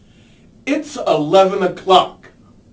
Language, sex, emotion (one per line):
English
male
angry